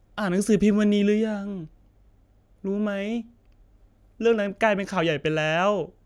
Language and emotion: Thai, sad